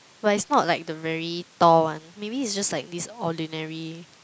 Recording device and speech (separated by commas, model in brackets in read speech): close-talking microphone, conversation in the same room